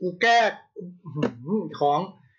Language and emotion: Thai, angry